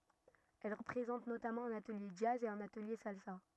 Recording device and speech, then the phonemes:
rigid in-ear microphone, read sentence
ɛl pʁezɑ̃t notamɑ̃ œ̃n atəlje dʒaz e œ̃n atəlje salsa

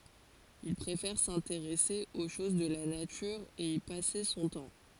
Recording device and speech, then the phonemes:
forehead accelerometer, read sentence
il pʁefɛʁ sɛ̃teʁɛse o ʃoz də la natyʁ e i pase sɔ̃ tɑ̃

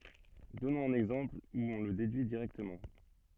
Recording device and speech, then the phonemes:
soft in-ear microphone, read sentence
dɔnɔ̃z œ̃n ɛɡzɑ̃pl u ɔ̃ lə dedyi diʁɛktəmɑ̃

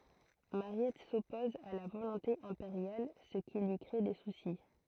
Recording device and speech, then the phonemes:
throat microphone, read sentence
maʁjɛt sɔpɔz a la volɔ̃te ɛ̃peʁjal sə ki lyi kʁe de susi

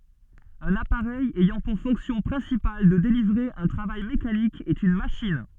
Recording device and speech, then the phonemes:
soft in-ear microphone, read sentence
œ̃n apaʁɛj ɛjɑ̃ puʁ fɔ̃ksjɔ̃ pʁɛ̃sipal də delivʁe œ̃ tʁavaj mekanik ɛt yn maʃin

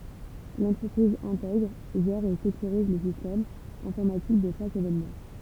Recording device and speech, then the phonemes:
temple vibration pickup, read sentence
lɑ̃tʁəpʁiz ɛ̃tɛɡʁ ʒɛʁ e sekyʁiz lə sistɛm ɛ̃fɔʁmatik də ʃak evenmɑ̃

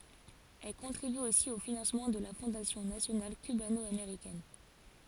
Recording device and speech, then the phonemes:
forehead accelerometer, read sentence
ɛl kɔ̃tʁiby osi o finɑ̃smɑ̃ də la fɔ̃dasjɔ̃ nasjonal kybanɔameʁikɛn

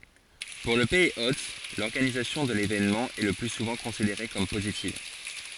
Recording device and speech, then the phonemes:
forehead accelerometer, read sentence
puʁ lə pɛiz ot lɔʁɡanizasjɔ̃ də levenmɑ̃ ɛ lə ply suvɑ̃ kɔ̃sideʁe kɔm pozitiv

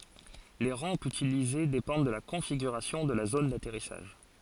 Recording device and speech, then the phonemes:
forehead accelerometer, read sentence
le ʁɑ̃pz ytilize depɑ̃d də la kɔ̃fiɡyʁasjɔ̃ də la zon datɛʁisaʒ

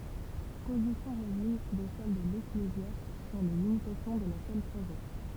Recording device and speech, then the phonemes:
temple vibration pickup, read sentence
pozisjɔ̃ vwazin də sɛl də leklezjast syʁ le limitasjɔ̃ də la sœl saʒɛs

